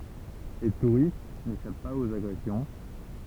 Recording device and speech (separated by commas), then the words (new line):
temple vibration pickup, read sentence
Les touristes n'échappent pas aux agressions.